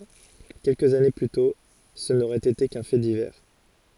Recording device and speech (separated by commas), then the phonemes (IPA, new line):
forehead accelerometer, read sentence
kɛlkəz ane ply tɔ̃ sə noʁɛt ete kœ̃ fɛ divɛʁ